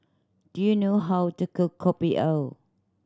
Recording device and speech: standing microphone (AKG C214), read sentence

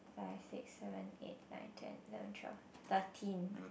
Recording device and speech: boundary microphone, conversation in the same room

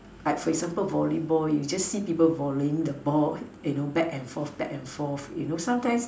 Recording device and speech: standing microphone, conversation in separate rooms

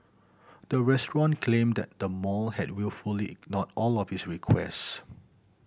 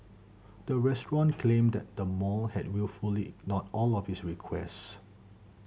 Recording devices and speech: boundary microphone (BM630), mobile phone (Samsung C7100), read sentence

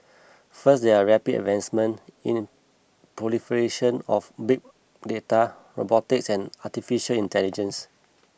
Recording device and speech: boundary microphone (BM630), read sentence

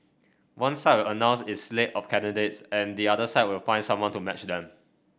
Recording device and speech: boundary microphone (BM630), read sentence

